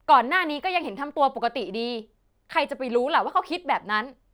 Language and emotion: Thai, angry